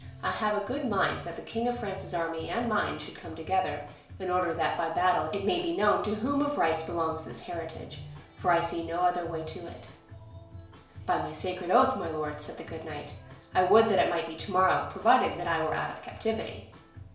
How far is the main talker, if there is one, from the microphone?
1.0 m.